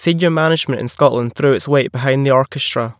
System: none